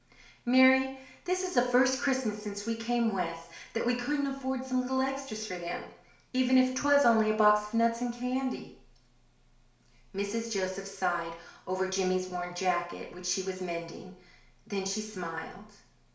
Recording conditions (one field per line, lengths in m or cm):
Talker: one person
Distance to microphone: 1.0 m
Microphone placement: close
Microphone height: 1.1 m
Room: small (3.7 m by 2.7 m)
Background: none